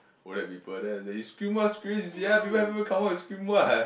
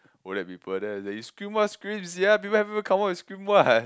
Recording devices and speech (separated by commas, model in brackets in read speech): boundary microphone, close-talking microphone, conversation in the same room